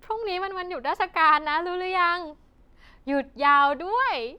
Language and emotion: Thai, happy